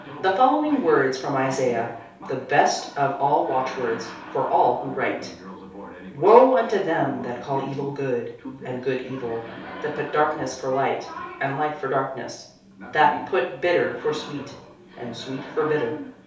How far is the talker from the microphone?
3.0 m.